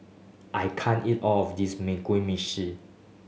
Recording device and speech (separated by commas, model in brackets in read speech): mobile phone (Samsung S8), read sentence